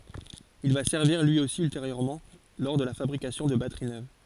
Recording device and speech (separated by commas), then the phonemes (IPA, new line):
forehead accelerometer, read sentence
il va sɛʁviʁ lyi osi ylteʁjøʁmɑ̃ lɔʁ də la fabʁikasjɔ̃ də batəʁi nøv